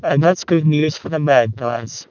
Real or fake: fake